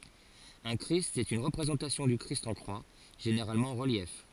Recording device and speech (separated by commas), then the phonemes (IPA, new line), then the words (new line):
forehead accelerometer, read sentence
œ̃ kʁist ɛt yn ʁəpʁezɑ̃tasjɔ̃ dy kʁist ɑ̃ kʁwa ʒeneʁalmɑ̃ ɑ̃ ʁəljɛf
Un christ est une représentation du Christ en croix, généralement en relief.